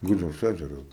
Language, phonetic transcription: Lithuanian, ˈgudžiaus ˈæžeru

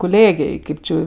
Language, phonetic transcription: Lithuanian, kuˈlėgėj ˈkėp ˈči jau

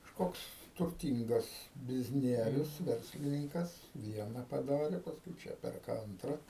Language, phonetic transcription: Lithuanian, kažˈkoks turˈtyngas bizˈnierius ˈverslininkas ˈviena paˈdare pasˈkui ˈčia ˈperka ˈantra

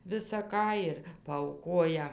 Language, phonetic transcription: Lithuanian, visa ˈką ir paauˈkoja

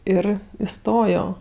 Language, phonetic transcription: Lithuanian, ˈir iˈstojo

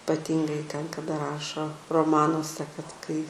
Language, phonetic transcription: Lithuanian, paˈtyngai ten kaˈda ˈrašo roˈmanuose kad ˈkai

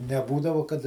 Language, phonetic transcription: Lithuanian, neˈbūdavo kad

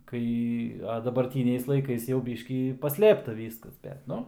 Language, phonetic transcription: Lithuanian, ˈkai a dabarˈtyniais laiˈkais jau ˈbyškį paˈslėpta ˈvyskas bet ˈnu

